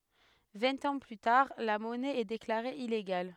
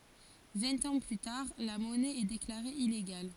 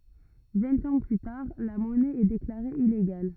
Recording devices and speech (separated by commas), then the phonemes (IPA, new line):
headset microphone, forehead accelerometer, rigid in-ear microphone, read sentence
vɛ̃t ɑ̃ ply taʁ la mɔnɛ ɛ deklaʁe ileɡal